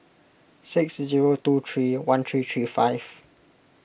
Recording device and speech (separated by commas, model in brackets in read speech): boundary microphone (BM630), read sentence